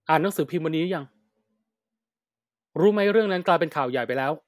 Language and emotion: Thai, frustrated